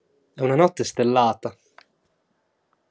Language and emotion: Italian, neutral